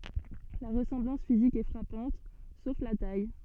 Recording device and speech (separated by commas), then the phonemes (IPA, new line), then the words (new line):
soft in-ear microphone, read sentence
la ʁəsɑ̃blɑ̃s fizik ɛ fʁapɑ̃t sof la taj
La ressemblance physique est frappante, sauf la taille.